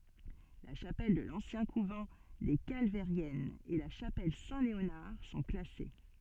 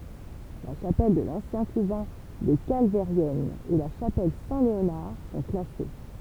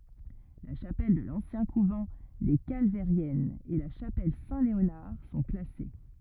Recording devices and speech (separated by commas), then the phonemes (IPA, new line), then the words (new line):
soft in-ear microphone, temple vibration pickup, rigid in-ear microphone, read sentence
la ʃapɛl də lɑ̃sjɛ̃ kuvɑ̃ de kalvɛʁjɛnz e la ʃapɛl sɛ̃tleonaʁ sɔ̃ klase
La chapelle de l'ancien couvent des Calvairiennes et la chapelle Saint-Léonard sont classées.